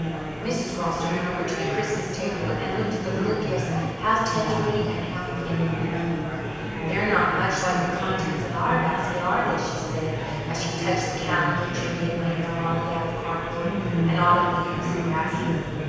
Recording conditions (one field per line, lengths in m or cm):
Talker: one person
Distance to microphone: 7.1 m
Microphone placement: far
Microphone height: 1.7 m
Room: very reverberant, large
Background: babble